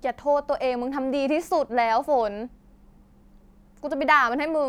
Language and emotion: Thai, sad